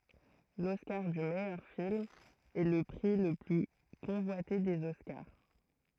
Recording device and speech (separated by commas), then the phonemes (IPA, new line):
throat microphone, read sentence
lɔskaʁ dy mɛjœʁ film ɛ lə pʁi lə ply kɔ̃vwate dez ɔskaʁ